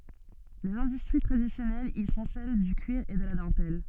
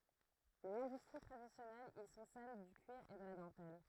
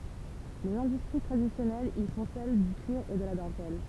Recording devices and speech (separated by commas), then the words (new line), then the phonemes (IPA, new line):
soft in-ear microphone, throat microphone, temple vibration pickup, read sentence
Les industries traditionnelles y sont celles du cuir et de la dentelle.
lez ɛ̃dystʁi tʁadisjɔnɛlz i sɔ̃ sɛl dy kyiʁ e də la dɑ̃tɛl